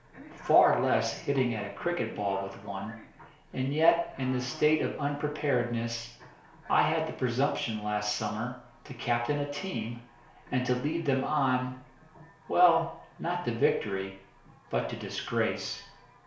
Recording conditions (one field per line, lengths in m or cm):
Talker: one person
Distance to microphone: 1.0 m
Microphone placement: close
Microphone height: 1.1 m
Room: small (3.7 m by 2.7 m)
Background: television